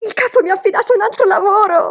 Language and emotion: Italian, happy